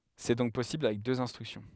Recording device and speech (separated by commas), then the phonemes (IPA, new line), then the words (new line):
headset microphone, read sentence
sɛ dɔ̃k pɔsibl avɛk døz ɛ̃stʁyksjɔ̃
C'est donc possible avec deux instructions.